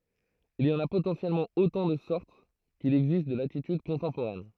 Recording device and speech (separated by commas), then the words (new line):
throat microphone, read sentence
Il y en a potentiellement autant de sortes qu'il existe de latitudes contemporaines.